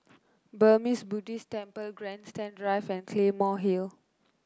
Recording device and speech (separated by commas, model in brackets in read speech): close-talking microphone (WH30), read sentence